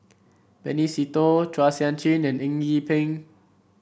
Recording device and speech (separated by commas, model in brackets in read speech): boundary microphone (BM630), read sentence